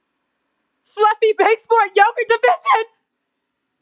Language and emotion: English, fearful